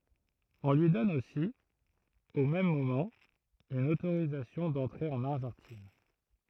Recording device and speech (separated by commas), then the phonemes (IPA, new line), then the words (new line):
throat microphone, read sentence
ɔ̃ lyi dɔn osi o mɛm momɑ̃ yn otoʁizasjɔ̃ dɑ̃tʁe ɑ̃n aʁʒɑ̃tin
On lui donne aussi, au même moment, une autorisation d'entrer en Argentine.